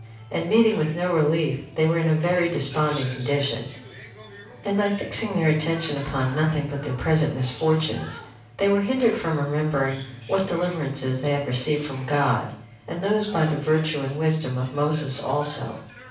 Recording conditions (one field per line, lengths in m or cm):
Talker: one person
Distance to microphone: 5.8 m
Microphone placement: far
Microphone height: 1.8 m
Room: medium-sized (5.7 m by 4.0 m)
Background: television